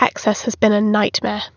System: none